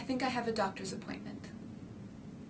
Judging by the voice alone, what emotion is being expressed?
neutral